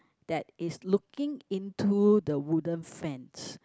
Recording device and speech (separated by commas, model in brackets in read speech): close-talking microphone, conversation in the same room